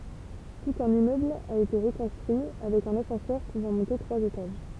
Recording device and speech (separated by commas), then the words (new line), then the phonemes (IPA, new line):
temple vibration pickup, read sentence
Tout un immeuble a été reconstruit, avec un ascenseur pouvant monter trois étages.
tut œ̃n immøbl a ete ʁəkɔ̃stʁyi avɛk œ̃n asɑ̃sœʁ puvɑ̃ mɔ̃te tʁwaz etaʒ